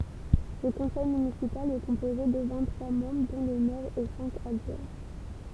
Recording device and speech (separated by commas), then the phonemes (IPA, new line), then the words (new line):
temple vibration pickup, read sentence
lə kɔ̃sɛj mynisipal ɛ kɔ̃poze də vɛ̃t tʁwa mɑ̃bʁ dɔ̃ lə mɛʁ e sɛ̃k adʒwɛ̃
Le conseil municipal est composé de vingt-trois membres dont le maire et cinq adjoints.